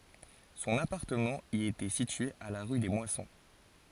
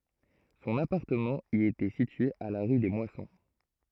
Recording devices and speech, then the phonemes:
forehead accelerometer, throat microphone, read sentence
sɔ̃n apaʁtəmɑ̃ i etɛ sitye a la ʁy de mwasɔ̃

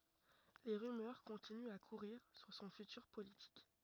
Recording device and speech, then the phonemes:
rigid in-ear microphone, read sentence
le ʁymœʁ kɔ̃tinyt a kuʁiʁ syʁ sɔ̃ fytyʁ politik

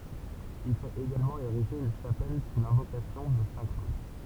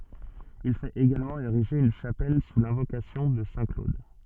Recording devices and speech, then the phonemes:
temple vibration pickup, soft in-ear microphone, read sentence
il fɛt eɡalmɑ̃ eʁiʒe yn ʃapɛl su lɛ̃vokasjɔ̃ də sɛ̃ klod

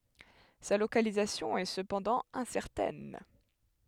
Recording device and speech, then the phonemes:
headset microphone, read sentence
sa lokalizasjɔ̃ ɛ səpɑ̃dɑ̃ ɛ̃sɛʁtɛn

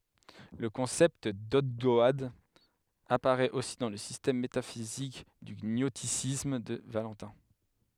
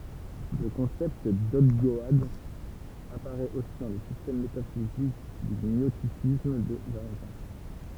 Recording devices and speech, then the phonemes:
headset microphone, temple vibration pickup, read sentence
lə kɔ̃sɛpt dɔɡdɔad apaʁɛt osi dɑ̃ lə sistɛm metafizik dy ɲɔstisism də valɑ̃tɛ̃

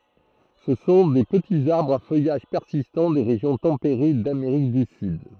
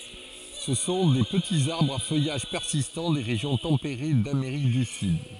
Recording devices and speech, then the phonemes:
throat microphone, forehead accelerometer, read sentence
sə sɔ̃ de pətiz aʁbʁz a fœjaʒ pɛʁsistɑ̃ de ʁeʒjɔ̃ tɑ̃peʁe dameʁik dy syd

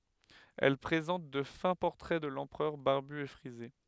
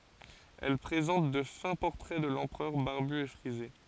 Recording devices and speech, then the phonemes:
headset microphone, forehead accelerometer, read sentence
ɛl pʁezɑ̃t də fɛ̃ pɔʁtʁɛ də lɑ̃pʁœʁ baʁby e fʁize

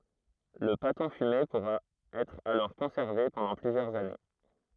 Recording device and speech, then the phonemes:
throat microphone, read sentence
lə patɔ̃ fyme puʁa ɛtʁ alɔʁ kɔ̃sɛʁve pɑ̃dɑ̃ plyzjœʁz ane

